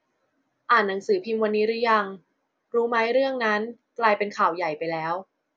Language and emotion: Thai, neutral